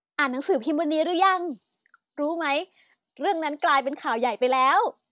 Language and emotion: Thai, happy